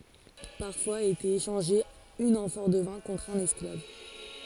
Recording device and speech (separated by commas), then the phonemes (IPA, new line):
forehead accelerometer, read sentence
paʁfwaz etɛt eʃɑ̃ʒe yn ɑ̃fɔʁ də vɛ̃ kɔ̃tʁ œ̃n ɛsklav